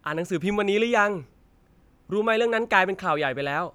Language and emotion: Thai, neutral